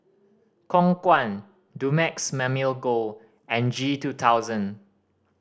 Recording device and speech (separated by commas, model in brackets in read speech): standing microphone (AKG C214), read sentence